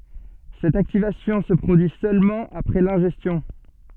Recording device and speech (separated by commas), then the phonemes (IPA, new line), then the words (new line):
soft in-ear microphone, read sentence
sɛt aktivasjɔ̃ sə pʁodyi sølmɑ̃ apʁɛ lɛ̃ʒɛstjɔ̃
Cette activation se produit seulement après l'ingestion.